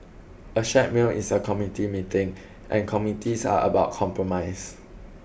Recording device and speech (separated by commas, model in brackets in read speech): boundary microphone (BM630), read sentence